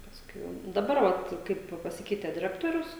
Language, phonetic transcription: Lithuanian, ˈpaskui ˈjau daˈbar vat ˈkaip paˈsikeite diˈrektorius

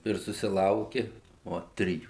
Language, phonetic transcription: Lithuanian, ir susiˈlauki ˈo ˈtrijų

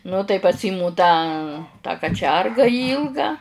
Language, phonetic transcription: Lithuanian, nu tai paˈsymu ˈtą tą kaˈčerga ˈylgą

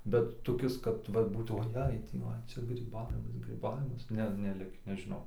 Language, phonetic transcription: Lithuanian, bet toˈkis kad ˈva ˈbūt oˈjei ˈtį va ˈčia gryˈbavimas gryˈbavimas ˈne neˈlikį nežiˈnau

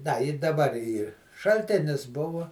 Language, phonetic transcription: Lithuanian, da i daˈbar ˈyr šalˈtėnis ˈbuvo

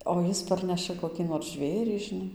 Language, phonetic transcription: Lithuanian, o ˈjis ˈparneša koˈkį nor ˈžvėrį žiˈnai

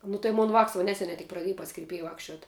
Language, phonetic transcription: Lithuanian, nu tai ˈmon vāks va ˈneseniai tik praˈdėj pas kirˈpėja ˈvakščiuot

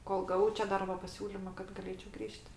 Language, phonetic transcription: Lithuanian, ˈkol gaˈvau čia ˈdarbo paˈsiūlima kad gaˈlėčiau ˈgrįž't'

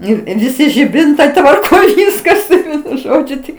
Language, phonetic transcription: Lithuanian, ˈnu i viˈsi žiˈbintai tvarˈkoj ˈviskas ˈvienu ˈžodžiu ˈtik

